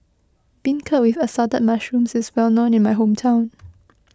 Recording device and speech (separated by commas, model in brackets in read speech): close-talking microphone (WH20), read sentence